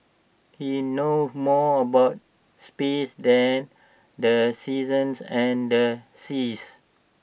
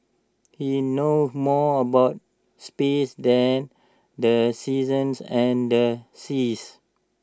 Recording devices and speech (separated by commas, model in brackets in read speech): boundary microphone (BM630), standing microphone (AKG C214), read sentence